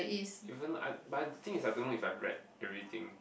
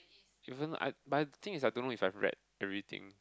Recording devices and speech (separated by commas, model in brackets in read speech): boundary microphone, close-talking microphone, conversation in the same room